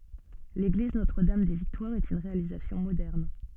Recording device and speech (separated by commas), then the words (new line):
soft in-ear microphone, read sentence
L'église Notre-Dame-des-Victoires est une réalisation moderne.